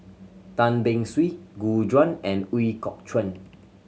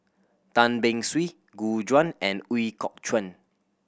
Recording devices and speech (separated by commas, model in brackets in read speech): mobile phone (Samsung C7100), boundary microphone (BM630), read sentence